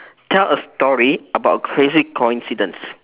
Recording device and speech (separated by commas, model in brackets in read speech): telephone, conversation in separate rooms